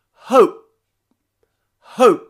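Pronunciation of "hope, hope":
Both times, 'hope' ends in a glottal stop in place of a full p sound.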